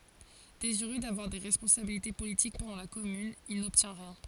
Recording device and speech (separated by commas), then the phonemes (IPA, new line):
forehead accelerometer, read sentence
deziʁø davwaʁ de ʁɛspɔ̃sabilite politik pɑ̃dɑ̃ la kɔmyn il nɔbtjɛ̃ ʁjɛ̃